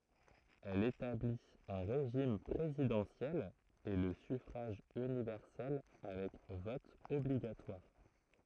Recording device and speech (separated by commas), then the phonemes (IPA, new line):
throat microphone, read sentence
ɛl etablit œ̃ ʁeʒim pʁezidɑ̃sjɛl e lə syfʁaʒ ynivɛʁsɛl avɛk vɔt ɔbliɡatwaʁ